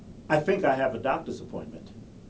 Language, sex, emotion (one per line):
English
male
neutral